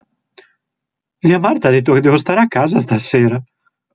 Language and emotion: Italian, surprised